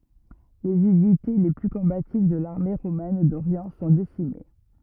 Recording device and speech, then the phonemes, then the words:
rigid in-ear microphone, read sentence
lez ynite le ply kɔ̃bativ də laʁme ʁomɛn doʁjɑ̃ sɔ̃ desime
Les unités les plus combatives de l'armée romaine d'Orient sont décimées.

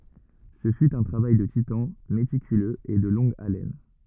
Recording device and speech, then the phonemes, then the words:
rigid in-ear microphone, read sentence
sə fy œ̃ tʁavaj də titɑ̃ metikyløz e də lɔ̃ɡ alɛn
Ce fut un travail de titan, méticuleux et de longue haleine.

